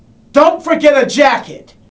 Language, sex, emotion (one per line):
English
male
angry